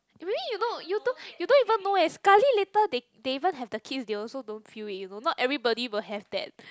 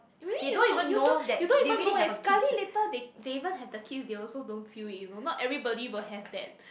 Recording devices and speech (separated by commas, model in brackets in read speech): close-talking microphone, boundary microphone, conversation in the same room